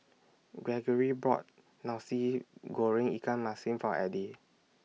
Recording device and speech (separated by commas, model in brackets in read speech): mobile phone (iPhone 6), read sentence